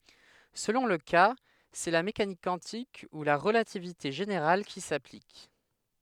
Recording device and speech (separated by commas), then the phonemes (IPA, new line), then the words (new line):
headset microphone, read sentence
səlɔ̃ lə ka sɛ la mekanik kwɑ̃tik u la ʁəlativite ʒeneʁal ki saplik
Selon le cas, c'est la mécanique quantique ou la relativité générale qui s'applique.